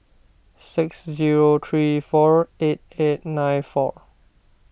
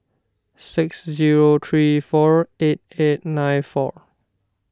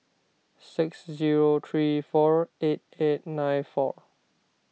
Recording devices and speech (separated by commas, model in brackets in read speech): boundary microphone (BM630), standing microphone (AKG C214), mobile phone (iPhone 6), read sentence